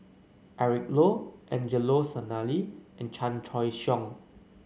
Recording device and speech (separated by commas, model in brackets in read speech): mobile phone (Samsung C9), read sentence